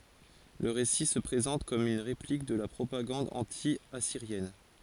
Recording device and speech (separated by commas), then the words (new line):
forehead accelerometer, read sentence
Le récit se présente comme une réplique de la propagande anti-assyrienne.